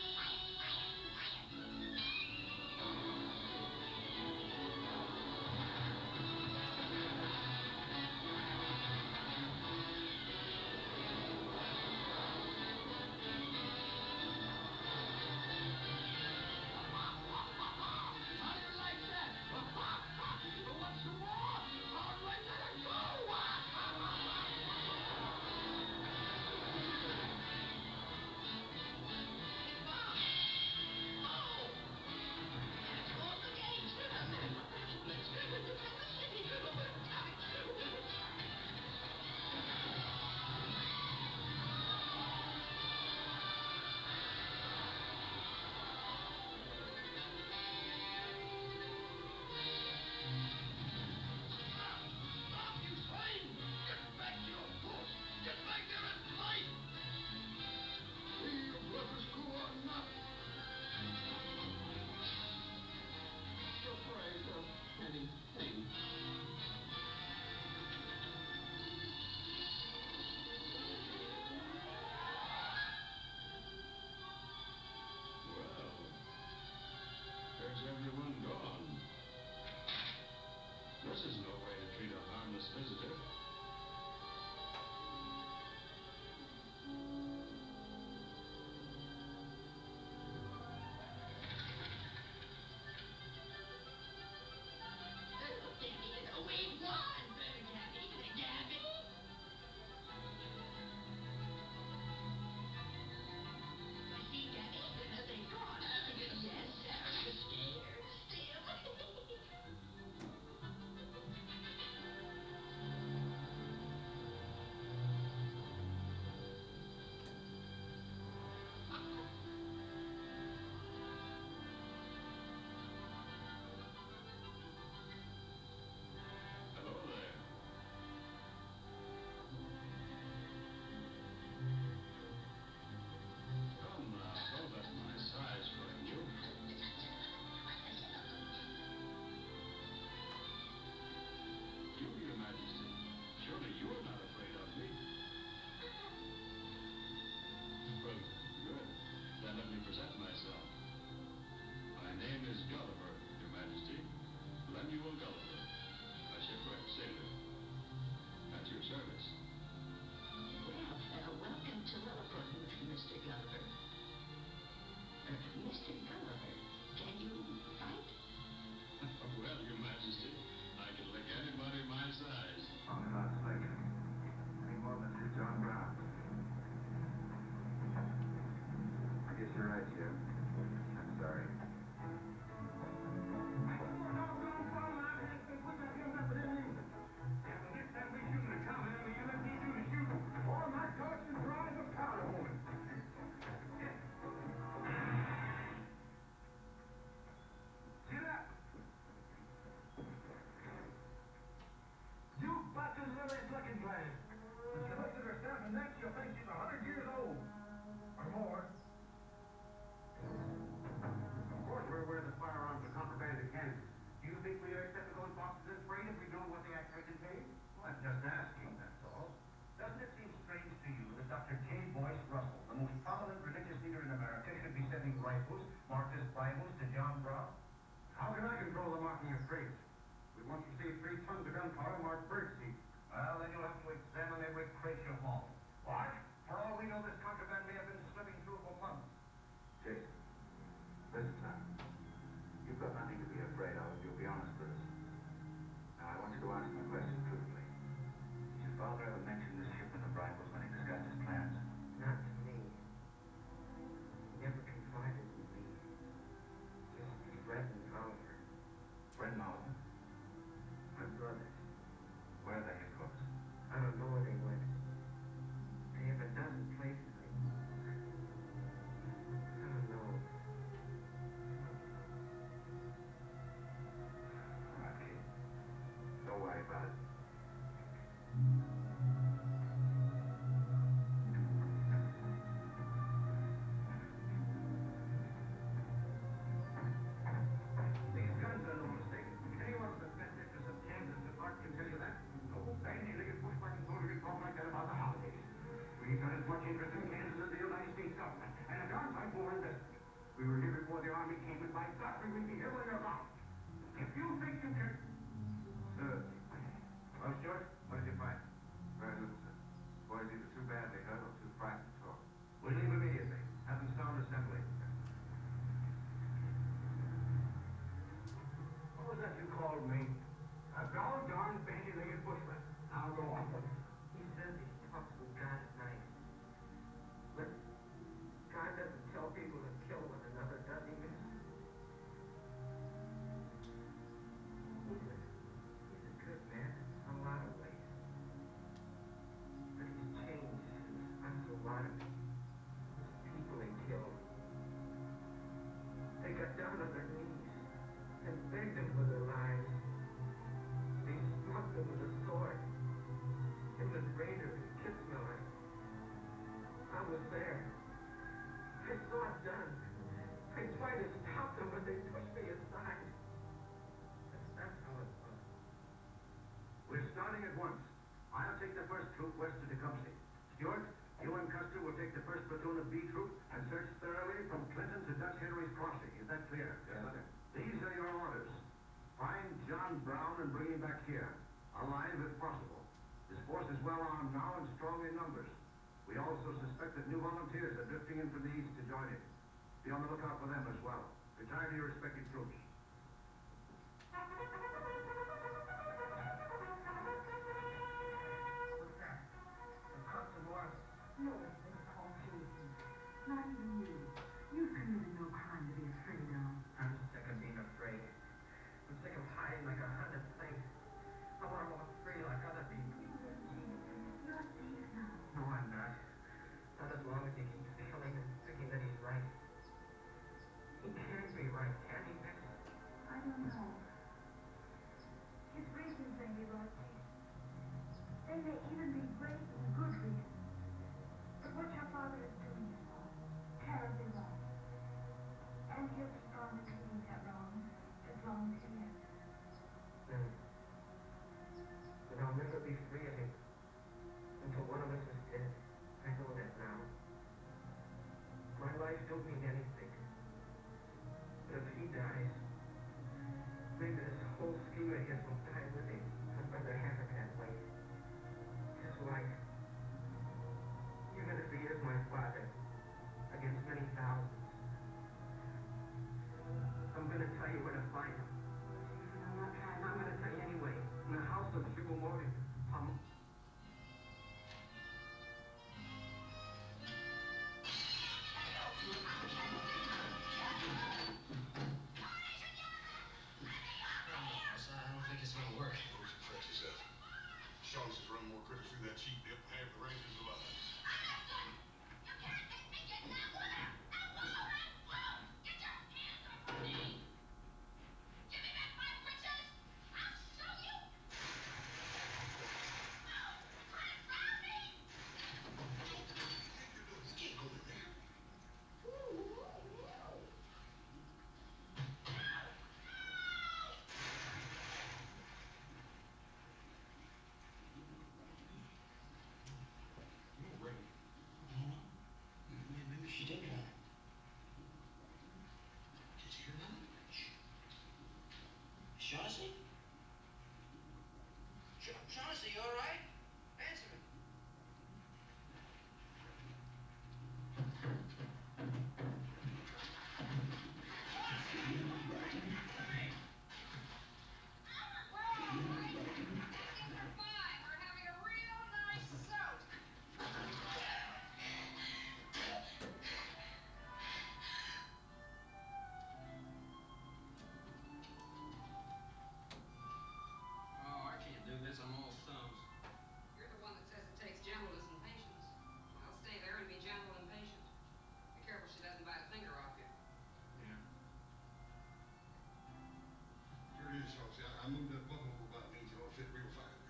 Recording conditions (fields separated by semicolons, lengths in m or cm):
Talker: no one; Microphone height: 99 cm; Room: medium-sized (5.7 m by 4.0 m); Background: television